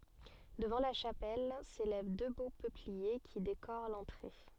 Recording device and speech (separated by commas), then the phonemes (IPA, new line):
soft in-ear microphone, read sentence
dəvɑ̃ la ʃapɛl selɛv dø bo pøplie ki dekoʁ lɑ̃tʁe